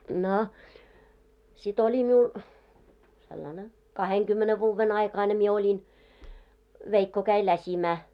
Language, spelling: Finnish, no sitten oli minulla sellainen kahdenkymmenen vuoden aikainen minä olin veikko kävi läsimään
- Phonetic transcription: 'no , si't ‿oĺi 'miul , sellane , 'kaheŋkymmene vuuvven 'aikaine mie oĺin , 'veikko käi 'läśimää .

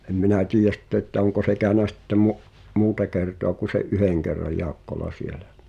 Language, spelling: Finnish, en minä tiedä sitten että onko se käynyt sitten - muuta kertaa kun sen yhden kerran Jaakkola siellä
- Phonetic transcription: em 'minä "tiij(e)s̆ sⁱtte ‿ttä 'oŋko se kä̀önä sitte mu’- , "muuta kertoa ku se’ "’yheŋ kerraj 'Jaakkola 'sielä .

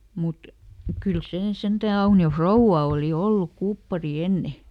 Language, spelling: Finnish, mutta kyllä se sentään Aunion rouva oli ollut kuppari ennen
- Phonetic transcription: ˈmut , ˈkyl ˈsee "sentä̀ ˈAuni₍o "frouvva òli ˈolluk ˈkuppari ˈenne .

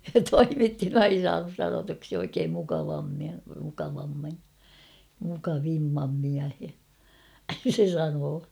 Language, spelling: Finnish, se toimitti ei se saanut sanotuksi oikein mukavammin mukavammin mukavimman miehen se sanoi
- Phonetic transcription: se "toimitti ei (se) 'saanus sanotuksi oikeem mukavammi , mukavammi , muka'vimmam miähe , 'se 'sanoo .

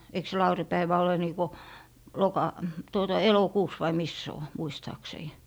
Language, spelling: Finnish, eikö se laurinpäivä ole niin kuin - tuota elokuussa vai missä se on muistaakseni
- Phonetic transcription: eik se "lauri'päivä ole 'niikɔ , "jossloka- , tuota "elo'kuus vai mis se o , 'muistaaksei .

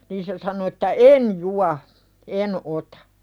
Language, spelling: Finnish, niin se sanoi että en juo en ota
- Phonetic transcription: niin se sano että » "en jua , "en otᴀ « .

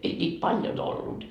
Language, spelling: Finnish, ei niitä paljon ollut
- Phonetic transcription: 'ei ńiit "paljon ‿ollut .

